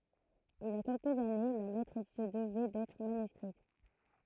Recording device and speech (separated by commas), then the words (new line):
throat microphone, read sentence
Il y a quelques années, la lettre se devait d'être manuscrite.